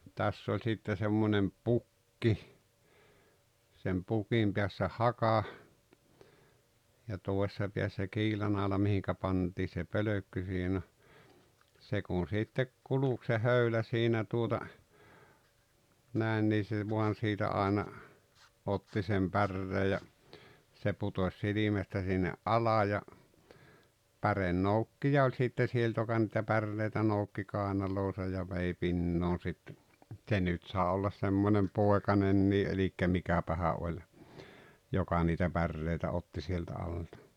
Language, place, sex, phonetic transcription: Finnish, Rautalampi, male, 'täss ‿oĺ sitte semmonem "pukki , sem 'pukim piässä "haka , ja 'tòesᵉssa piässä "kiilanàola mihikä̭ 'pantii se "pölökky (siihen ‿o-) , 'se kun̬ sittek 'kuluk se "höylä siinä tuota , 'nä̀en nii se 'voan̬ sitä 'áena , "otti sem "pärree ja , se 'putos 'silimästä sinne’ "’ala ja , "pärennoukkija oĺ sitte 'sielt joka nⁱtä "parrelta 'noukki 'kàenaloosa ja 'vei "pinnoon̬ sitte , "ᵗse nyt sàe ollas 'semmonem "pòekanennii ’elikkä 'mikäpähä ’oĺ , 'joka niitä 'pärrèitä 'otti sieltä alta .
- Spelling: tässä oli sitten semmoinen pukki sen pukin päässä haka ja toisessa päässä kiilanaula mihin pantiin se pölkky siihen on se kun sitten kulki se höylä siinä tuota näin niin se vain siitä aina otti sen päreen ja se putosi silmästä sinne alas ja pärenoukkija oli sitten sieltä joka niitä parrelta noukki kainaloonsa ja vei pinoon sitten se nyt sai olla semmoinen poikanen eli mikähän oli joka niitä päreitä otti sieltä alta

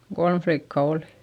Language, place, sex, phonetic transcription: Finnish, Eurajoki, female, kolm flikka olI .
- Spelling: kolme likkaa oli

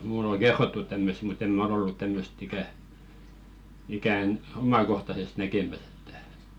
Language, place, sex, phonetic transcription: Finnish, Velkua, male, mùl ‿oŋ̬ "ɢerrottut 'tämmösᵗ mut ‿em "mᵃ̈ ol ‿ollu 'tämmöst ikä , 'ikä̀n "omakohtasest näkemäs ‿ettᴀ̈ .
- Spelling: minulle on kerrottu tämmöistä mutta en minä ole ollut tämmöistä ikänä ikänä omakohtaisesti näkemässä että

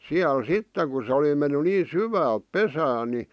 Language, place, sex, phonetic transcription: Finnish, Vihti, male, 'siäl "sitteᵑ ku sᵉ oli ʲᵒ menny nii "syväälᵖ "pesään̆ ni .
- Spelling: siellä sitten kun se oli jo mennyt niin syvälle pesään niin

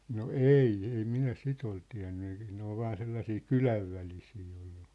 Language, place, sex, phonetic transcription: Finnish, Sippola, male, no "eì , 'ei 'minä 'sit ‿ol tiä̭nny ᴇɪ , 'ne ‿ol 'vaan 'sellasii "kylävvälisii ollᴜ .
- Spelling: no ei ei minä sitä ole tiennyt ei ne oli vain sellaisia kylänvälisiä ollut

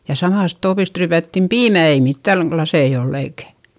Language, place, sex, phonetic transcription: Finnish, Eurajoki, female, ja samàst toopist ryypättim piimä - ei mittäŋ klasei oll ‿eikä ,.
- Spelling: ja samasta tuopista ryypättiin piimää ei mitään laseja ollut eikä

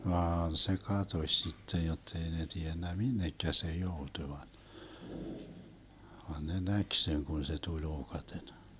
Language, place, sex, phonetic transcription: Finnish, Vermlanti, male, 'vaan se "katoś sittej jottei ne 'tiennä "minnekkä se 'joutuⁱ van , van ne 'näk 'seŋ kun se 'tuĺ 'ookaten .
- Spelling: vaan se katosi sitten jotta ei ne tiennyt minne se joutui vaan vaan ne näki sen kun se tuli ookaten

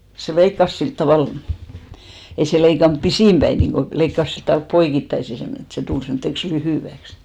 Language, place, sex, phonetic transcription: Finnish, Hinnerjoki, female, se 'leikkas 'silt tavàl , 'ei se 'leikanp "pisìm ʙäi 'niiŋɢo , 'leikkas silt tvalp "poikittaisi semmone , et se 'tul semtteks 'lyhỳväks .
- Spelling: se leikkasi sillä tavalla ei se leikannut pisin päin niin kuin leikkasi sillä tavalla poikittaisin semmoinen että se tuli semmoiseksi lyhyeksi

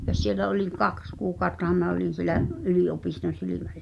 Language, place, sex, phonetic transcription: Finnish, Pihtipudas, female, ja s̀ielä oliŋ "kaks kuukàu̬ttaham m̳e̳ä̆ olin̬ sielä’ , '’ylì-’opiston̬ 'silimälinikᴀʟ[la] .
- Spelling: ja siellä olin kaksi kuukauttahan minä olin siellä yliopiston silmäklinikalla

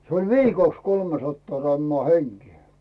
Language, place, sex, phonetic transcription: Finnish, Rautu, male, se oĺ "viikòks 'kolmesattaa rammᵒà 'heŋkⁱɛ .
- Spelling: se oli viikoksi kolmesataa grammaa henkeen

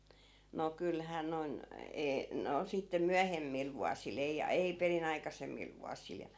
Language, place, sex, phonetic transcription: Finnish, Askola, female, no 'kylhää noⁱn , 'ee- , 'no , sitte "myähemmil vuasi'l ‿ei , 'ei peri'n ‿aikasemmil 'vuasil ja .
- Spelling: no kyllähän noin - no sitten myöhemmillä vuosilla ei ei perin aikaisemmilla vuosilla ja

